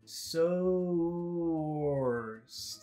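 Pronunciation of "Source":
'Source' is said very slowly, with an oh sound in it.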